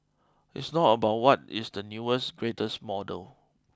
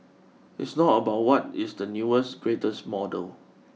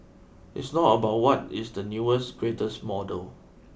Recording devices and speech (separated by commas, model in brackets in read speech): close-talking microphone (WH20), mobile phone (iPhone 6), boundary microphone (BM630), read sentence